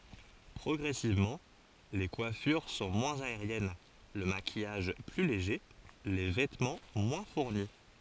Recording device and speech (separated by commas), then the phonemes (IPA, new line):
forehead accelerometer, read sentence
pʁɔɡʁɛsivmɑ̃ le kwafyʁ sɔ̃ mwɛ̃z aeʁjɛn lə makijaʒ ply leʒe le vɛtmɑ̃ mwɛ̃ fuʁni